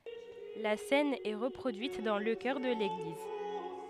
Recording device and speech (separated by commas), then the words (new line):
headset microphone, read sentence
La cène est reproduite dans le chœur de l'église.